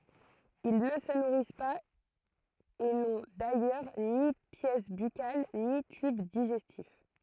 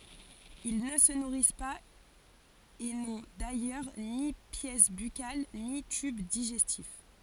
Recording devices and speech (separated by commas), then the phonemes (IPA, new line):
throat microphone, forehead accelerometer, read sentence
il nə sə nuʁis paz e nɔ̃ dajœʁ ni pjɛs bykal ni tyb diʒɛstif